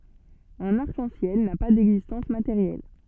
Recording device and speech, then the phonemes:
soft in-ear microphone, read sentence
œ̃n aʁk ɑ̃ sjɛl na pa dɛɡzistɑ̃s mateʁjɛl

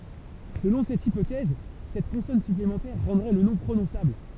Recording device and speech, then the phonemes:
temple vibration pickup, read sentence
səlɔ̃ sɛt ipotɛz sɛt kɔ̃sɔn syplemɑ̃tɛʁ ʁɑ̃dʁɛ lə nɔ̃ pʁonɔ̃sabl

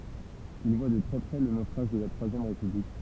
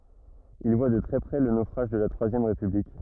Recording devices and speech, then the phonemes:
temple vibration pickup, rigid in-ear microphone, read sentence
il vwa də tʁɛ pʁɛ lə nofʁaʒ də la tʁwazjɛm ʁepyblik

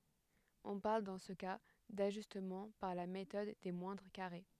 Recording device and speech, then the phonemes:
headset microphone, read sentence
ɔ̃ paʁl dɑ̃ sə ka daʒystmɑ̃ paʁ la metɔd de mwɛ̃dʁ kaʁe

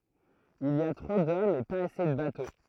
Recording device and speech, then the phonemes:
throat microphone, read sentence
il i a tʁo dɔmz e paz ase də bato

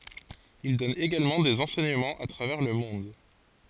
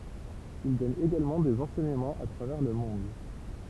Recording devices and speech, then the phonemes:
forehead accelerometer, temple vibration pickup, read sentence
il dɔn eɡalmɑ̃ dez ɑ̃sɛɲəmɑ̃z a tʁavɛʁ lə mɔ̃d

